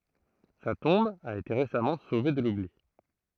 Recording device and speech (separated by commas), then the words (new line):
throat microphone, read sentence
Sa tombe a été récemment sauvée de l'oubli.